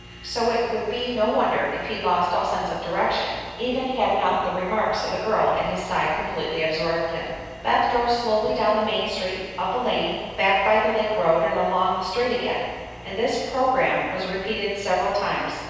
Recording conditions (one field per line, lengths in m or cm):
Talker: one person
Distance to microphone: 7.1 m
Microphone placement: far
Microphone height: 1.7 m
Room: very reverberant, large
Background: none